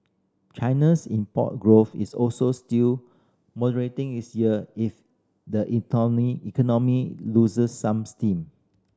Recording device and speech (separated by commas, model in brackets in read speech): standing microphone (AKG C214), read sentence